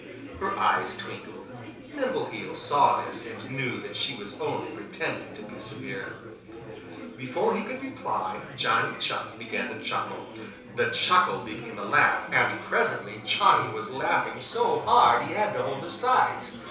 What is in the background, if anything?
Crowd babble.